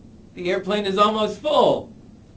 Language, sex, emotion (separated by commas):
English, male, disgusted